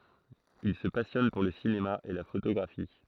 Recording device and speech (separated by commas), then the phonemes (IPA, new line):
throat microphone, read sentence
il sə pasjɔn puʁ lə sinema e la fotoɡʁafi